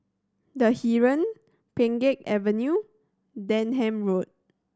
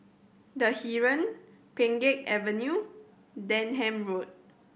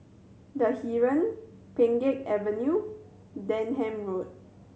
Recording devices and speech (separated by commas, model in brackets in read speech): standing microphone (AKG C214), boundary microphone (BM630), mobile phone (Samsung C7100), read sentence